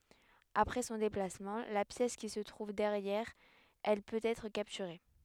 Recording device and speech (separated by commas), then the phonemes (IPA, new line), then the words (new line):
headset microphone, read sentence
apʁɛ sɔ̃ deplasmɑ̃ la pjɛs ki sə tʁuv dɛʁjɛʁ ɛl pøt ɛtʁ kaptyʁe
Après son déplacement, la pièce qui se trouve derrière elle peut être capturée.